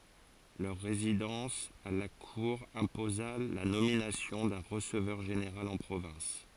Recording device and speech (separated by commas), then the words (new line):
forehead accelerometer, read sentence
Leur résidence à la Cour imposa la nomination d’un receveur général en province.